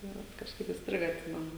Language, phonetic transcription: Lithuanian, tai ˈvat kažˈkaip įsˈtriga atˈsimenu

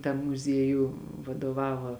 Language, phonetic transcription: Lithuanian, tam muˈziejū vadoˈvava

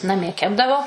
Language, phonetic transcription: Lithuanian, naˈmie ˈkepdavo

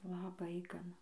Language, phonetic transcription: Lithuanian, laˈbai gaˈna

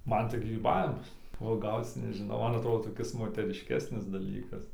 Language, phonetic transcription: Lithuanian, ˈman tai gryˈbavimas uoˈgauc nežiˈnau ˈman atˈrodo toˈkis moterišˈkesnis daˈlykas

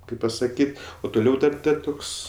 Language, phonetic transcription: Lithuanian, ˈkaip pasaˈkyt' o tuˈliau ˈdar ˈdar ˈtuks

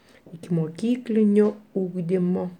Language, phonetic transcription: Lithuanian, ikimoˈkyklinio ˈūgdimo

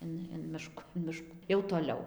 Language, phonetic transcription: Lithuanian, ˈin in ˈmišku in ˈmiškų jau toˈliau

